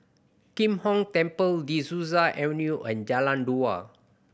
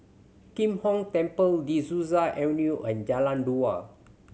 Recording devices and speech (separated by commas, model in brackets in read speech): boundary microphone (BM630), mobile phone (Samsung C7100), read sentence